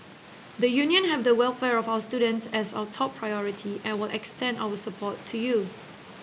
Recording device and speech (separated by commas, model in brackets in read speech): boundary microphone (BM630), read sentence